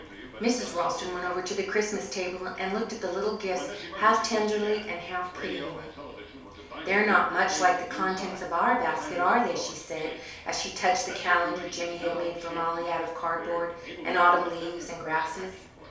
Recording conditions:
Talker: one person; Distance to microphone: 3.0 m; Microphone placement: far; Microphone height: 1.8 m; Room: small (3.7 m by 2.7 m); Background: television

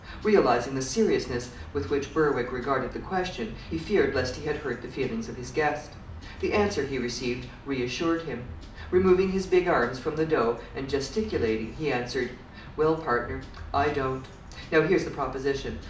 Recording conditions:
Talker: one person; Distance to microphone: 2.0 m; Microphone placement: close; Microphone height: 99 cm; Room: medium-sized (5.7 m by 4.0 m); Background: music

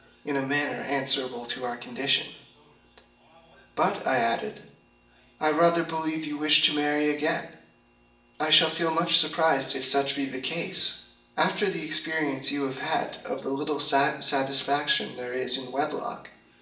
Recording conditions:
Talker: one person; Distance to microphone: 1.8 m; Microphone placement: close; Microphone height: 1.0 m; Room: large; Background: television

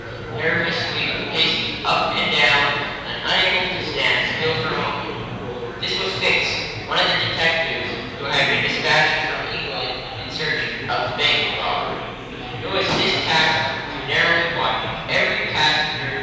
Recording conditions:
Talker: one person; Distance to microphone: 7.1 m; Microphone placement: far; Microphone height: 1.7 m; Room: very reverberant, large; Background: babble

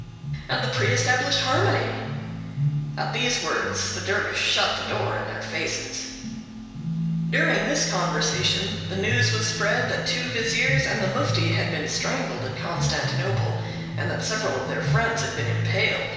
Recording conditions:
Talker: one person; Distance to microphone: 1.7 m; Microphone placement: close; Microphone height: 1.0 m; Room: very reverberant, large; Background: music

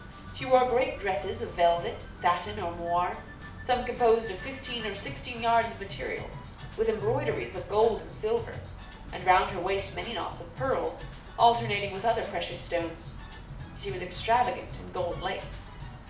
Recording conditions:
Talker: one person; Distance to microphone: 2.0 m; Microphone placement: close; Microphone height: 99 cm; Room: medium-sized (5.7 m by 4.0 m); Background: music

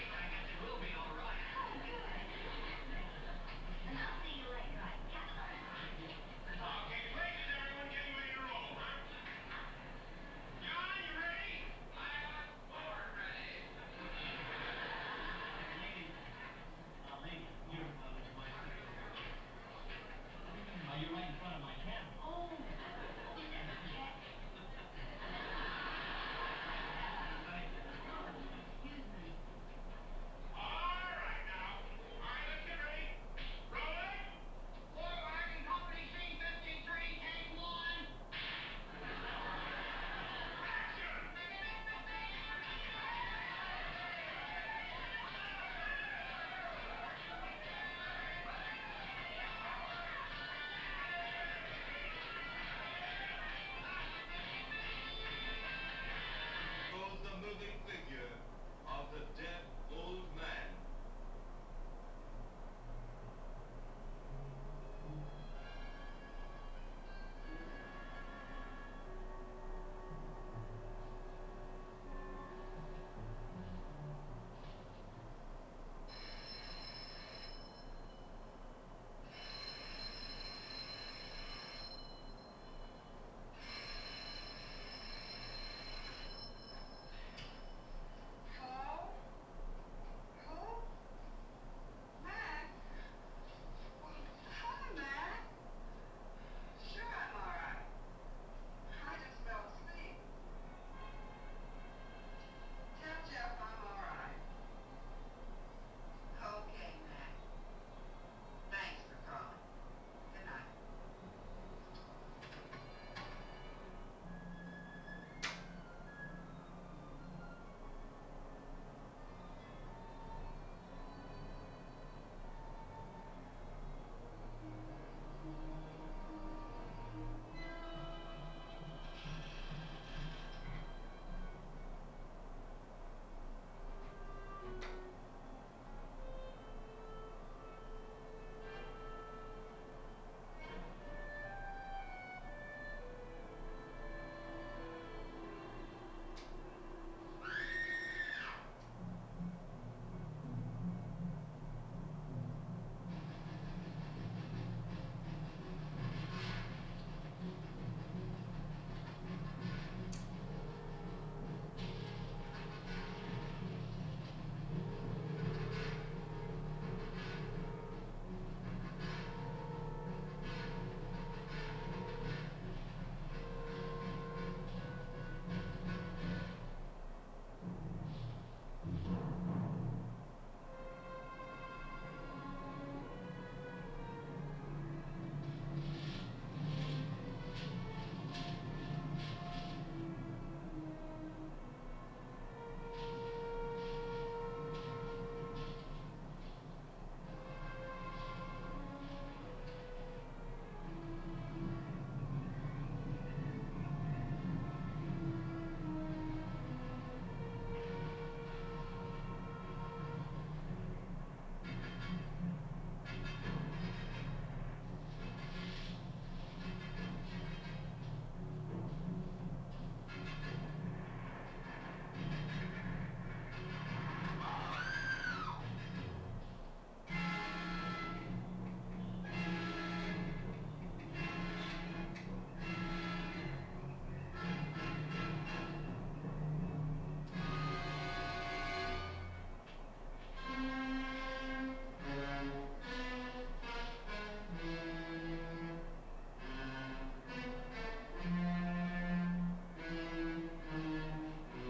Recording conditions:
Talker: no one; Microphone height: 1.1 m; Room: small (3.7 m by 2.7 m); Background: television

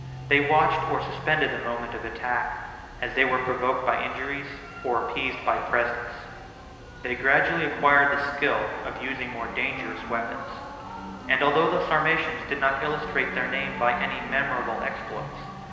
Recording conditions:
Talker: one person; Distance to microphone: 1.7 m; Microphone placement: close; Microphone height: 1.0 m; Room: very reverberant, large; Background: music

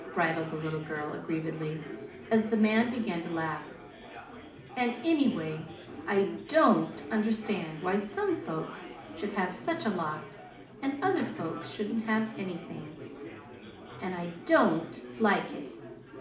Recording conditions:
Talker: one person; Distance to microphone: 2.0 m; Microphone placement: close; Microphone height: 99 cm; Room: medium-sized (5.7 m by 4.0 m); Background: babble

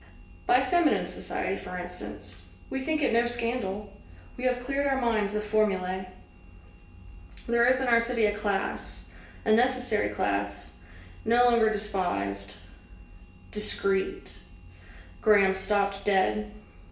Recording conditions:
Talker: one person; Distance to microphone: 1.8 m; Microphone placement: close; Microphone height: 1.0 m; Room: large; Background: none

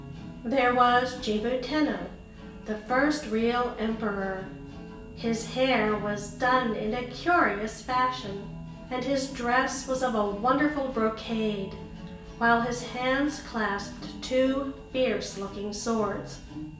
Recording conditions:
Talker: one person; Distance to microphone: 1.8 m; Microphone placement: close; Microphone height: 1.0 m; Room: large; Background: music

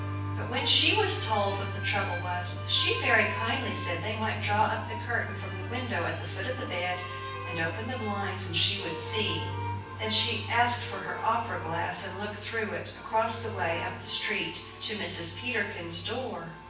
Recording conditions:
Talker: one person; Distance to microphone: 9.8 m; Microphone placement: far; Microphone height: 1.8 m; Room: large; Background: music

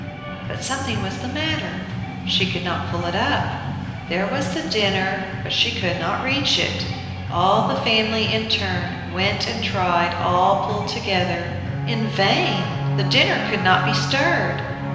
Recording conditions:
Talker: one person; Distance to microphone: 1.7 m; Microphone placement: close; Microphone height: 1.0 m; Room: very reverberant, large; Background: music

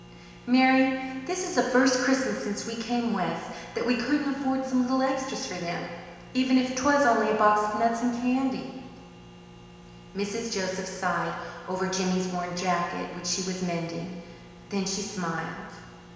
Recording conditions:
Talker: one person; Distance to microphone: 1.7 m; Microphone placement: close; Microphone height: 1.0 m; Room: very reverberant, large; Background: none

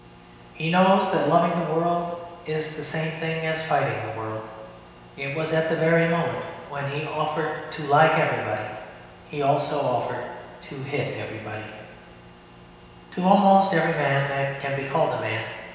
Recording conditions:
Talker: one person; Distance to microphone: 1.7 m; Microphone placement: close; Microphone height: 1.0 m; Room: very reverberant, large; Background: none

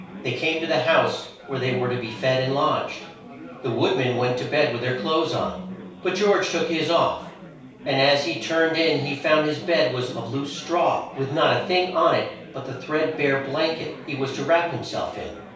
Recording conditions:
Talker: one person; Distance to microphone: 3.0 m; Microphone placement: far; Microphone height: 1.8 m; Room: small (3.7 m by 2.7 m); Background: babble

